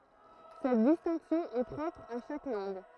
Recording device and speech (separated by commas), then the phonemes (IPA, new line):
throat microphone, read sentence
sɛt distɛ̃ksjɔ̃ ɛ pʁɔpʁ a ʃak lɑ̃ɡ